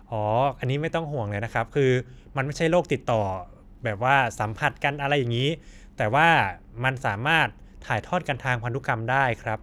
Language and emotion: Thai, neutral